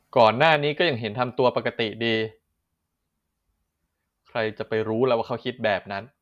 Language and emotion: Thai, frustrated